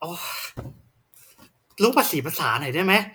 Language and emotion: Thai, angry